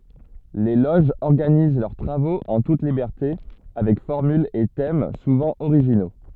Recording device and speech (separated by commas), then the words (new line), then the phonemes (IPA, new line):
soft in-ear microphone, read sentence
Les loges organisent leurs travaux en toute liberté avec formules et thèmes souvent originaux.
le loʒz ɔʁɡaniz lœʁ tʁavoz ɑ̃ tut libɛʁte avɛk fɔʁmylz e tɛm suvɑ̃ oʁiʒino